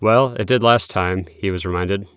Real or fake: real